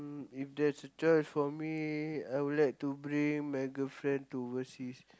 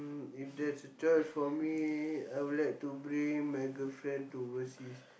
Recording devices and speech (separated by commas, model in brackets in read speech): close-talking microphone, boundary microphone, conversation in the same room